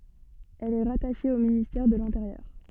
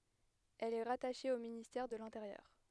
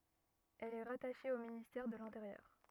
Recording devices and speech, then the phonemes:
soft in-ear microphone, headset microphone, rigid in-ear microphone, read sentence
ɛl ɛ ʁataʃe o ministɛʁ də lɛ̃teʁjœʁ

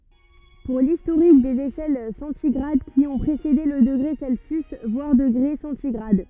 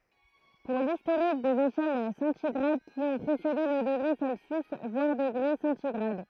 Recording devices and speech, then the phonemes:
rigid in-ear microphone, throat microphone, read sentence
puʁ listoʁik dez eʃɛl sɑ̃tiɡʁad ki ɔ̃ pʁesede lə dəɡʁe sɛlsjys vwaʁ dəɡʁe sɑ̃tiɡʁad

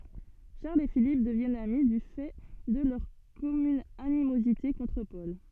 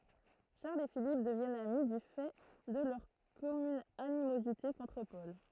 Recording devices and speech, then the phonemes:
soft in-ear microphone, throat microphone, read sentence
ʃaʁl e filip dəvjɛnt ami dy fɛ də lœʁ kɔmyn animozite kɔ̃tʁ pɔl

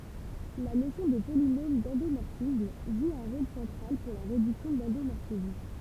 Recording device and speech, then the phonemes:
temple vibration pickup, read sentence
la nosjɔ̃ də polinom dɑ̃domɔʁfism ʒu œ̃ ʁol sɑ̃tʁal puʁ la ʁedyksjɔ̃ dɑ̃domɔʁfism

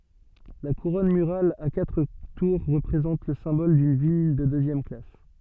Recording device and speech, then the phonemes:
soft in-ear microphone, read sentence
la kuʁɔn myʁal a katʁ tuʁ ʁəpʁezɑ̃t lə sɛ̃bɔl dyn vil də døzjɛm klas

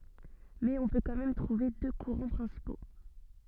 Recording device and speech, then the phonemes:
soft in-ear microphone, read sentence
mɛz ɔ̃ pø kɑ̃ mɛm tʁuve dø kuʁɑ̃ pʁɛ̃sipo

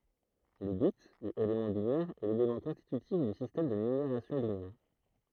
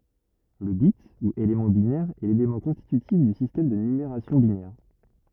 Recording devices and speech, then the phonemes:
throat microphone, rigid in-ear microphone, read sentence
lə bit u elemɑ̃ binɛʁ ɛ lelemɑ̃ kɔ̃stitytif dy sistɛm də nymeʁasjɔ̃ binɛʁ

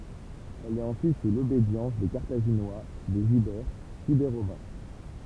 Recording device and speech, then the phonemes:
temple vibration pickup, read sentence
ɛl ɛt ɑ̃syit su lobedjɑ̃s de kaʁtaʒinwa dez ibɛʁ pyi de ʁomɛ̃

